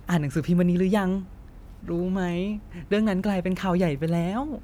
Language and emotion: Thai, neutral